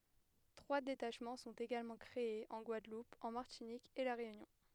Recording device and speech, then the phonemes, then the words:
headset microphone, read sentence
tʁwa detaʃmɑ̃ sɔ̃t eɡalmɑ̃ kʁeez ɑ̃ ɡwadlup ɑ̃ maʁtinik e la ʁeynjɔ̃
Trois détachements sont également créés en Guadeloupe en Martinique et la Réunion.

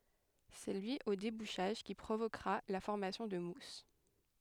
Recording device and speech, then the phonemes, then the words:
headset microphone, read sentence
sɛ lyi o debuʃaʒ ki pʁovokʁa la fɔʁmasjɔ̃ də mus
C'est lui au débouchage qui provoquera la formation de mousse.

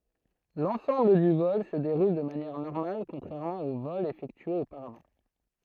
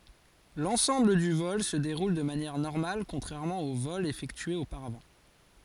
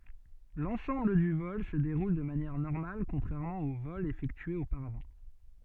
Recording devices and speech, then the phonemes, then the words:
throat microphone, forehead accelerometer, soft in-ear microphone, read sentence
lɑ̃sɑ̃bl dy vɔl sə deʁul də manjɛʁ nɔʁmal kɔ̃tʁɛʁmɑ̃ o vɔlz efɛktyez opaʁavɑ̃
L'ensemble du vol se déroule de manière normale contrairement aux vols effectués auparavant.

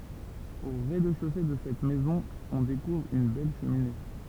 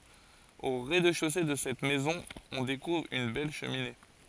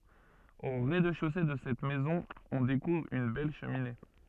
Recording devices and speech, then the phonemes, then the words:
temple vibration pickup, forehead accelerometer, soft in-ear microphone, read sentence
o ʁɛzdɛʃose də sɛt mɛzɔ̃ ɔ̃ dekuvʁ yn bɛl ʃəmine
Au rez-de-chaussée de cette maison on découvre une belle cheminée.

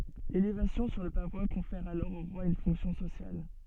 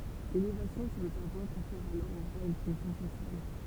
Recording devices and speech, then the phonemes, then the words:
soft in-ear microphone, temple vibration pickup, read sentence
lelevasjɔ̃ syʁ lə pavwa kɔ̃fɛʁ alɔʁ o ʁwa yn fɔ̃ksjɔ̃ sosjal
L'élévation sur le pavois confère alors au roi une fonction sociale.

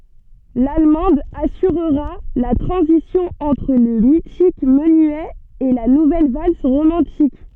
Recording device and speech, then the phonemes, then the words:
soft in-ear microphone, read sentence
lalmɑ̃d asyʁʁa la tʁɑ̃zisjɔ̃ ɑ̃tʁ lə mitik mənyɛ e la nuvɛl vals ʁomɑ̃tik
L'allemande assurera la transition entre le mythique menuet et la nouvelle valse romantique.

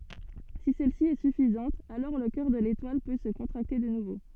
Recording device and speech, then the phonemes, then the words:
soft in-ear microphone, read sentence
si sɛlsi ɛ syfizɑ̃t alɔʁ lə kœʁ də letwal pø sə kɔ̃tʁakte də nuvo
Si celle-ci est suffisante, alors le cœur de l'étoile peut se contracter de nouveau.

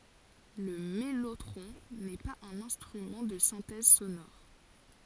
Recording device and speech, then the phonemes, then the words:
forehead accelerometer, read sentence
lə mɛlotʁɔ̃ nɛ paz œ̃n ɛ̃stʁymɑ̃ də sɛ̃tɛz sonɔʁ
Le mellotron n’est pas un instrument de synthèse sonore.

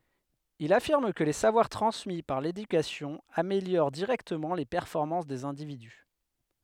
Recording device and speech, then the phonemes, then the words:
headset microphone, read sentence
il afiʁm kə le savwaʁ tʁɑ̃smi paʁ ledykasjɔ̃ ameljoʁ diʁɛktəmɑ̃ le pɛʁfɔʁmɑ̃s dez ɛ̃dividy
Il affirme que les savoir transmis par l'éducation améliorent directement les performances des individus.

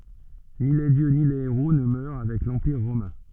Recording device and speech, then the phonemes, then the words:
soft in-ear microphone, read sentence
ni le djø ni le eʁo nə mœʁ avɛk lɑ̃piʁ ʁomɛ̃
Ni les dieux ni les héros ne meurent avec l'empire romain.

